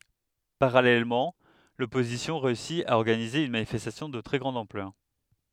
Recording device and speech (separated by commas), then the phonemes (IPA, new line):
headset microphone, read sentence
paʁalɛlmɑ̃ lɔpozisjɔ̃ ʁeysi a ɔʁɡanize yn manifɛstasjɔ̃ də tʁɛ ɡʁɑ̃d ɑ̃plœʁ